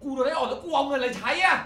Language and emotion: Thai, angry